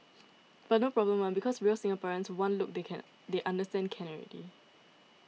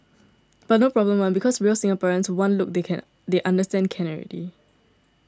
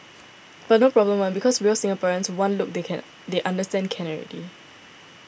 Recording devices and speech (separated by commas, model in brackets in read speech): mobile phone (iPhone 6), standing microphone (AKG C214), boundary microphone (BM630), read sentence